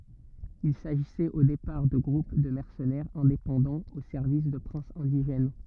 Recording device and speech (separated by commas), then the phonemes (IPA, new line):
rigid in-ear microphone, read sentence
il saʒisɛt o depaʁ də ɡʁup də mɛʁsənɛʁz ɛ̃depɑ̃dɑ̃z o sɛʁvis də pʁɛ̃sz ɛ̃diʒɛn